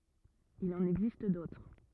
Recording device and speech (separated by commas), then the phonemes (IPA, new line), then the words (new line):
rigid in-ear microphone, read sentence
il ɑ̃n ɛɡzist dotʁ
Il en existe d'autres.